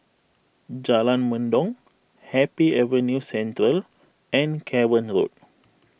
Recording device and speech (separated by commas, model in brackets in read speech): boundary microphone (BM630), read sentence